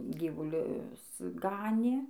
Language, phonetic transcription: Lithuanian, ˈgyvulius ˈganė

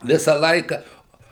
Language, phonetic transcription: Lithuanian, ˈvisą ˈlaiką

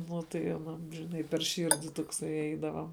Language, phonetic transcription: Lithuanian, ˈnu tai aˈnam žiˈnai per ˈširdi tokˈsai ˈeidava

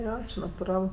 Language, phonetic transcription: Lithuanian, ˈjo natuˈral

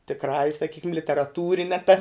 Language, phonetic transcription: Lithuanian, tikˈrąja saˈkykim literaˈtūrine ta

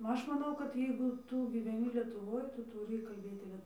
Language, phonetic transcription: Lithuanian, ˈaš maˈnau kad ˈjeigu ˈtū gyveˈni lietuˈvoj ˈtu tuˈry kalˈbėti ˈlie

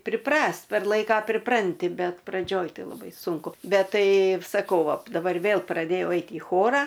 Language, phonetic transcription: Lithuanian, priˈprast' per ˈlaika priˈpranti ˈbet praˈdžioj ˈtai laˈbai ˈsunku ˈbet ˈtai saˈkau ˈva daˈbar ˈvėl praˈdėjau ˈeit į ˈchora

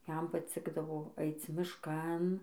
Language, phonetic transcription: Lithuanian, ˈjam paˈcikdavo ˈaic mišˈkan

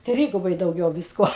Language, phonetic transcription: Lithuanian, ˈtrygubai dauˈgiau ˈviskuo

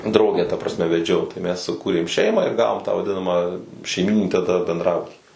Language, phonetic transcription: Lithuanian, ˈdraugę ta prasˈme veˈdžiau tai mes suˈkūrėm ˈšeimą ir ˈgavom tą vaˈdinama šeiˈmyninį taˈda bendˈrabuti

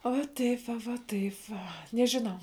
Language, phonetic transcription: Lithuanian, o va ˈtaip va va ˈtaip va nežiˈnau

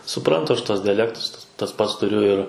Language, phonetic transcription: Lithuanian, suˈprantu ˈaš ˈtuos dijaˈlektus tas ˈpats tuˈriu ir

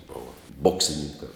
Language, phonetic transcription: Lithuanian, ˈbova ˈboksinininka

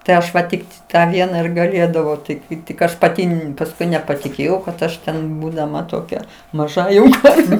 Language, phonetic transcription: Lithuanian, tai ˈaš va ˈtikt tą ˈvieną ir gaˈlėdavau ˈtai kai tik ˈaš paˈti pasˈkui nepatiˈkėjau kad ˈaš ten būdaˈma toˈkia maˈža jau ˈkarve

